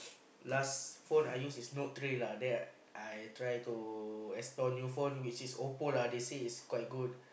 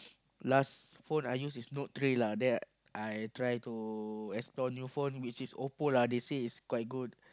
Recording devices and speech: boundary microphone, close-talking microphone, conversation in the same room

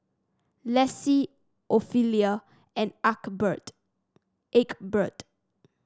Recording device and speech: standing microphone (AKG C214), read sentence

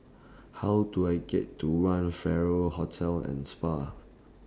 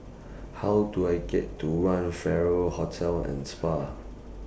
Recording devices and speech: standing microphone (AKG C214), boundary microphone (BM630), read sentence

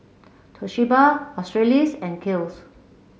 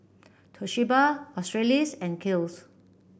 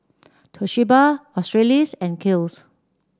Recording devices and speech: mobile phone (Samsung C7), boundary microphone (BM630), standing microphone (AKG C214), read sentence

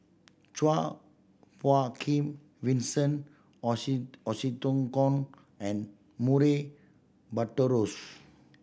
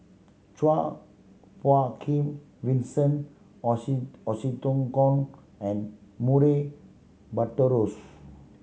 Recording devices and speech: boundary microphone (BM630), mobile phone (Samsung C7100), read sentence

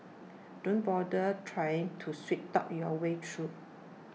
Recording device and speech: mobile phone (iPhone 6), read sentence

